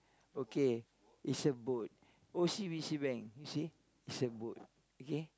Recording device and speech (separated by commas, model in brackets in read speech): close-talking microphone, conversation in the same room